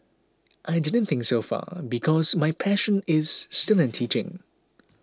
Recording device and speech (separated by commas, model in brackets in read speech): close-talking microphone (WH20), read sentence